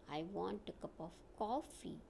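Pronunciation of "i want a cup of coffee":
'I want a cup of coffee' is said with a falling tone: the voice falls on the final stressed syllable.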